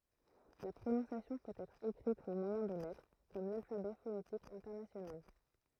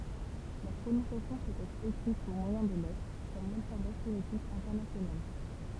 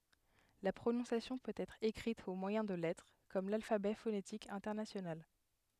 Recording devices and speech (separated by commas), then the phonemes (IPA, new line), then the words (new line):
throat microphone, temple vibration pickup, headset microphone, read sentence
la pʁonɔ̃sjasjɔ̃ pøt ɛtʁ ekʁit o mwajɛ̃ də lɛtʁ kɔm lalfabɛ fonetik ɛ̃tɛʁnasjonal
La prononciation peut être écrite au moyen de lettres, comme l'alphabet phonétique international.